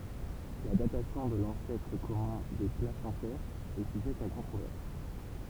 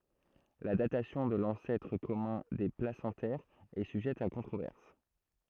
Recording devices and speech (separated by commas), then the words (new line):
temple vibration pickup, throat microphone, read sentence
La datation de l'ancêtre commun des placentaires est sujette à controverse.